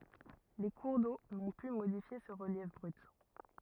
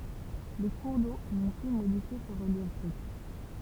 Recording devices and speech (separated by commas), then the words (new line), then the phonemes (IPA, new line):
rigid in-ear microphone, temple vibration pickup, read sentence
Les cours d'eau n'ont pu modifier ce relief brut.
le kuʁ do nɔ̃ py modifje sə ʁəljɛf bʁyt